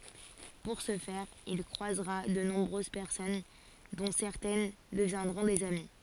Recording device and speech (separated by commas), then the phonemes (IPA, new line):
forehead accelerometer, read sentence
puʁ sə fɛʁ il kʁwazʁa də nɔ̃bʁøz pɛʁsɔn dɔ̃ sɛʁtɛn dəvjɛ̃dʁɔ̃ dez ami